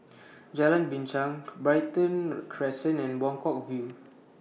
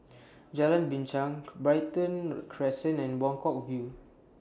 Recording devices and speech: mobile phone (iPhone 6), standing microphone (AKG C214), read sentence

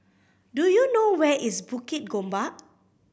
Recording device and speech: boundary microphone (BM630), read sentence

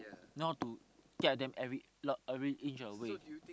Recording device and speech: close-talking microphone, conversation in the same room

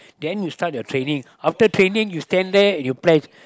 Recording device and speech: close-talking microphone, conversation in the same room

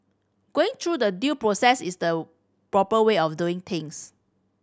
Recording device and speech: standing microphone (AKG C214), read sentence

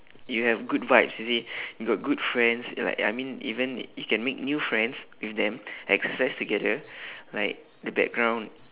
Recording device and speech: telephone, conversation in separate rooms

